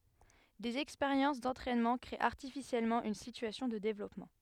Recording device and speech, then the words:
headset microphone, read sentence
Des expériences d’entraînement créer artificiellement une situation de développement.

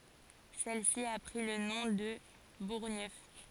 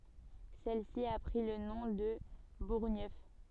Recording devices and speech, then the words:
forehead accelerometer, soft in-ear microphone, read sentence
Celle-ci a pris le nom de Bourgneuf.

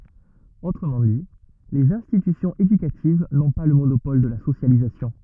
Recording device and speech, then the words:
rigid in-ear microphone, read sentence
Autrement dit, les institutions éducatives n'ont pas le monopole de la socialisation.

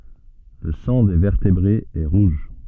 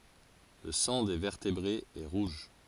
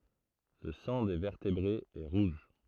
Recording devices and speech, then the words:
soft in-ear microphone, forehead accelerometer, throat microphone, read sentence
Le sang des vertébrés est rouge.

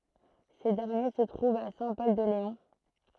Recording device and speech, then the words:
throat microphone, read sentence
Ces derniers se trouvent à Saint-Pol-de-Léon.

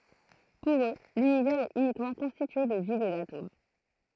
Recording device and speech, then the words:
throat microphone, read sentence
Pour eux, l'Univers est uniquement constitué de vide et d'atomes.

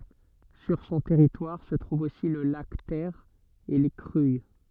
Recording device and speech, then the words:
soft in-ear microphone, read sentence
Sur son territoire se trouve aussi le lac Ter et les Cruilles.

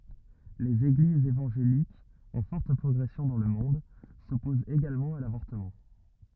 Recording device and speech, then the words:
rigid in-ear microphone, read sentence
Les Églises évangéliques, en forte progression dans le monde, s'opposent également à l'avortement.

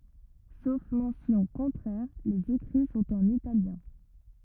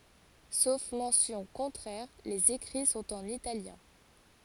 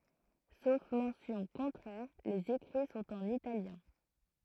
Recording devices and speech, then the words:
rigid in-ear microphone, forehead accelerometer, throat microphone, read sentence
Sauf mention contraire, les écrits sont en italien.

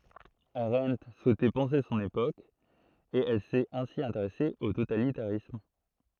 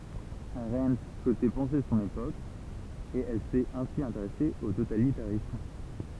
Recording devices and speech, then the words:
throat microphone, temple vibration pickup, read sentence
Arendt souhaitait penser son époque, et elle s'est ainsi intéressée au totalitarisme.

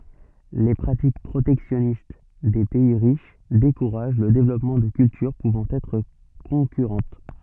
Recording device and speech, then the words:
soft in-ear microphone, read sentence
Les pratiques protectionnistes des pays riches découragent le développement de cultures pouvant être concurrentes.

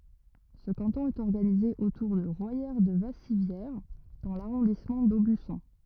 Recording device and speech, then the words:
rigid in-ear microphone, read sentence
Ce canton est organisé autour de Royère-de-Vassivière dans l'arrondissement d'Aubusson.

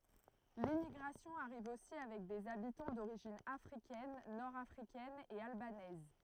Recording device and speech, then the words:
throat microphone, read sentence
L'immigration arrive aussi avec des habitants d'origine africaine, nord africaine et albanaise.

